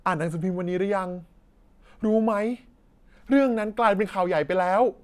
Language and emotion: Thai, neutral